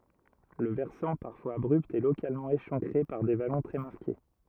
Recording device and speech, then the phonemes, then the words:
rigid in-ear microphone, read sentence
lə vɛʁsɑ̃ paʁfwaz abʁypt ɛ lokalmɑ̃ eʃɑ̃kʁe paʁ de valɔ̃ tʁɛ maʁke
Le versant, parfois abrupt, est localement échancré par des vallons très marqués.

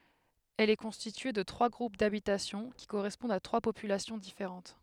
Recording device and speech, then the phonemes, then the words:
headset microphone, read sentence
ɛl ɛ kɔ̃stitye də tʁwa ɡʁup dabitasjɔ̃ ki koʁɛspɔ̃dt a tʁwa popylasjɔ̃ difeʁɑ̃t
Elle est constituée de trois groupes d'habitation qui correspondent à trois populations différentes.

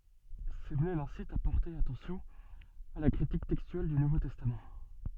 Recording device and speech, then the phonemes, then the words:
soft in-ear microphone, read sentence
səmle lɛ̃sit a pɔʁte atɑ̃sjɔ̃ a la kʁitik tɛkstyɛl dy nuvo tɛstam
Semler l'incite à porter attention à la critique textuelle du Nouveau Testament.

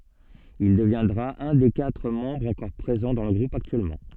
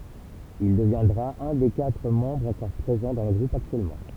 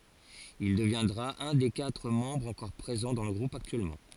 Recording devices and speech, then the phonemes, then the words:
soft in-ear microphone, temple vibration pickup, forehead accelerometer, read sentence
il dəvjɛ̃dʁa œ̃ de katʁ mɑ̃bʁz ɑ̃kɔʁ pʁezɑ̃ dɑ̃ lə ɡʁup aktyɛlmɑ̃
Il deviendra un des quatre membres encore présents dans le groupe actuellement.

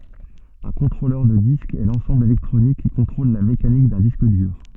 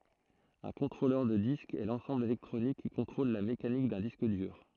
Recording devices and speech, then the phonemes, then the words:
soft in-ear microphone, throat microphone, read sentence
œ̃ kɔ̃tʁolœʁ də disk ɛ lɑ̃sɑ̃bl elɛktʁonik ki kɔ̃tʁol la mekanik dœ̃ disk dyʁ
Un contrôleur de disque est l’ensemble électronique qui contrôle la mécanique d’un disque dur.

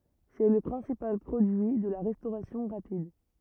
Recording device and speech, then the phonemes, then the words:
rigid in-ear microphone, read sentence
sɛ lə pʁɛ̃sipal pʁodyi də la ʁɛstoʁasjɔ̃ ʁapid
C’est le principal produit de la restauration rapide.

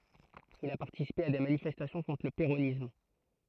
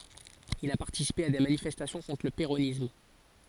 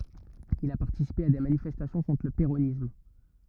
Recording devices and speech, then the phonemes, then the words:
throat microphone, forehead accelerometer, rigid in-ear microphone, read sentence
il a paʁtisipe a de manifɛstasjɔ̃ kɔ̃tʁ lə peʁonism
Il a participé à des manifestations contre le péronisme.

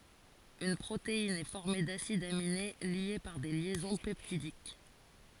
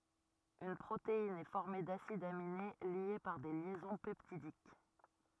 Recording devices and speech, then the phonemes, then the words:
forehead accelerometer, rigid in-ear microphone, read sentence
yn pʁotein ɛ fɔʁme dasidz amine lje paʁ de ljɛzɔ̃ pɛptidik
Une protéine est formée d'acides aminés liés par des liaisons peptidiques.

